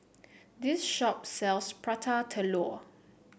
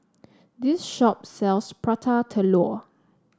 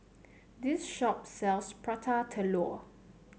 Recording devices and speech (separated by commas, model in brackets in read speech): boundary microphone (BM630), standing microphone (AKG C214), mobile phone (Samsung C7), read sentence